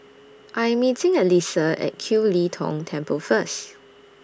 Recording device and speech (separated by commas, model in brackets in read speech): standing microphone (AKG C214), read sentence